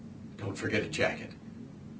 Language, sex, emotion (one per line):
English
male
neutral